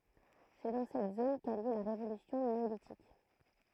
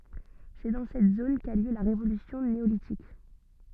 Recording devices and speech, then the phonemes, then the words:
throat microphone, soft in-ear microphone, read sentence
sɛ dɑ̃ sɛt zon ka y ljø la ʁevolysjɔ̃ neolitik
C'est dans cette zone qu'a eu lieu la révolution néolithique.

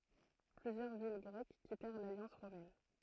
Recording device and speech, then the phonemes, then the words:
throat microphone, read sentence
plyzjœʁ vil ɡʁɛk kitɛʁ laljɑ̃s ʁomɛn
Plusieurs villes grecques quittèrent l’alliance romaine.

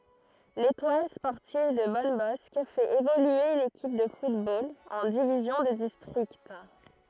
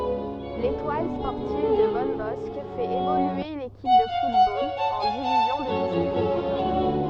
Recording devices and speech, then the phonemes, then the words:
throat microphone, soft in-ear microphone, read sentence
letwal spɔʁtiv də bɔnbɔsk fɛt evolye yn ekip də futbol ɑ̃ divizjɔ̃ də distʁikt
L'Étoile sportive de Bonnebosq fait évoluer une équipe de football en division de district.

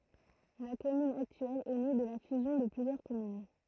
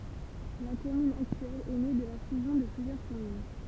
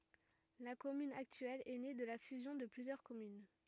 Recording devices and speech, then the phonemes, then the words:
throat microphone, temple vibration pickup, rigid in-ear microphone, read sentence
la kɔmyn aktyɛl ɛ ne də la fyzjɔ̃ də plyzjœʁ kɔmyn
La commune actuelle est née de la fusion de plusieurs communes.

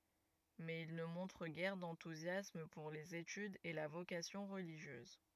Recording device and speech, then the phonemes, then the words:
rigid in-ear microphone, read sentence
mɛz il nə mɔ̃tʁ ɡɛʁ dɑ̃tuzjasm puʁ lez etydz e la vokasjɔ̃ ʁəliʒjøz
Mais il ne montre guère d’enthousiasme pour les études et la vocation religieuse.

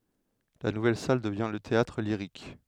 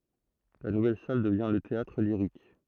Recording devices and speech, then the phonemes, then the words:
headset microphone, throat microphone, read sentence
la nuvɛl sal dəvjɛ̃ lə teatʁliʁik
La nouvelle salle devient le Théâtre-Lyrique.

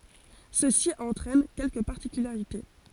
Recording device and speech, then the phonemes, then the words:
forehead accelerometer, read sentence
səsi ɑ̃tʁɛn kɛlkə paʁtikylaʁite
Ceci entraîne quelques particularités.

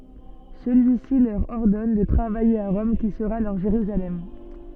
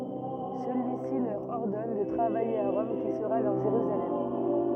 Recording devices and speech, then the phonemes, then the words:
soft in-ear microphone, rigid in-ear microphone, read sentence
səlyisi lœʁ ɔʁdɔn də tʁavaje a ʁɔm ki səʁa lœʁ ʒeʁyzalɛm
Celui-ci leur ordonne de travailler à Rome qui sera leur Jérusalem.

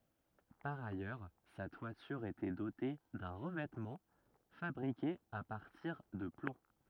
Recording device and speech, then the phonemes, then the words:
rigid in-ear microphone, read sentence
paʁ ajœʁ sa twatyʁ etɛ dote dœ̃ ʁəvɛtmɑ̃ fabʁike a paʁtiʁ də plɔ̃
Par ailleurs, sa toiture était dotée d'un revêtement fabriqué à partir de plomb.

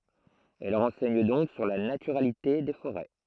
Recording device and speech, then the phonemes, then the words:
throat microphone, read sentence
ɛl ʁɑ̃sɛɲ dɔ̃k syʁ la natyʁalite de foʁɛ
Elles renseignent donc sur la naturalité des forêts.

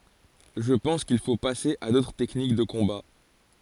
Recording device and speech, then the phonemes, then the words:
forehead accelerometer, read sentence
ʒə pɑ̃s kil fo pase a dotʁ tɛknik də kɔ̃ba
Je pense qu'il faut passer à d'autres techniques de combat.

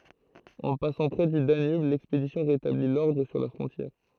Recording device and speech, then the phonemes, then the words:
throat microphone, read sentence
ɑ̃ pasɑ̃ pʁɛ dy danyb lɛkspedisjɔ̃ ʁetabli lɔʁdʁ syʁ la fʁɔ̃tjɛʁ
En passant près du Danube, l'expédition rétablit l'ordre sur la frontière.

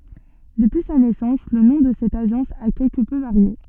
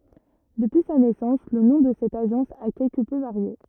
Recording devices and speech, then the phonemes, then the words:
soft in-ear microphone, rigid in-ear microphone, read sentence
dəpyi sa nɛsɑ̃s lə nɔ̃ də sɛt aʒɑ̃s a kɛlkə pø vaʁje
Depuis sa naissance le nom de cette agence a quelque peu varié.

